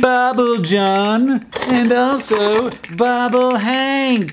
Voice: in a comedic voice